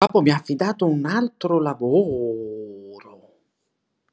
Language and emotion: Italian, surprised